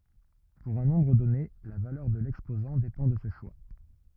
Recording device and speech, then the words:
rigid in-ear microphone, read sentence
Pour un nombre donné, la valeur de l'exposant dépend de ce choix.

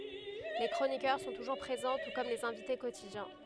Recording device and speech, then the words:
headset microphone, read sentence
Les chroniqueurs sont toujours présents, tout comme les invités quotidiens.

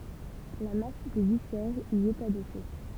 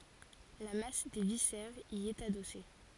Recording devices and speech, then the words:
temple vibration pickup, forehead accelerometer, read sentence
La masse des viscères y est adossée.

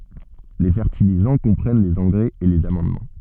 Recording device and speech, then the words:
soft in-ear microphone, read sentence
Les fertilisants comprennent les engrais et les amendements.

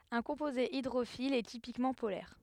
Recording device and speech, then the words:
headset microphone, read sentence
Un composé hydrophile est typiquement polaire.

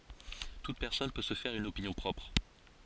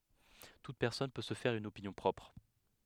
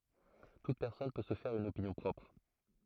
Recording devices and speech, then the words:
forehead accelerometer, headset microphone, throat microphone, read sentence
Toute personne peut se faire une opinion propre.

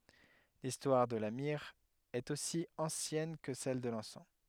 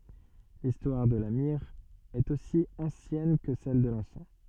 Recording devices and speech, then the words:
headset microphone, soft in-ear microphone, read sentence
L'histoire de la myrrhe est aussi ancienne que celle de l'encens.

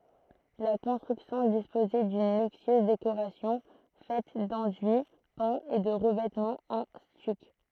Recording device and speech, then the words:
throat microphone, read sentence
La construction disposait d'une luxueuse décoration faite d'enduits peints et de revêtements en stuc.

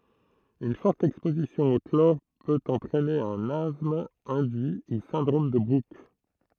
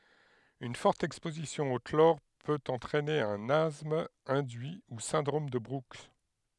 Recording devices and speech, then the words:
throat microphone, headset microphone, read sentence
Une forte exposition au chlore peut entraîner un asthme induit ou syndrome de Brooks.

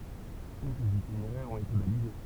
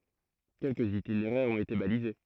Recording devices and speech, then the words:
temple vibration pickup, throat microphone, read sentence
Quelques itinéraires ont été balisés.

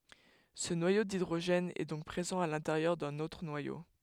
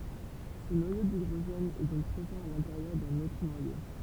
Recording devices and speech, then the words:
headset microphone, temple vibration pickup, read sentence
Ce noyau d'hydrogène est donc présent à l'intérieur d'un autre noyau.

